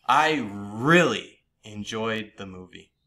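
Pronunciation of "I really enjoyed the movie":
In 'I really enjoyed the movie', the stress falls on the word 'really'.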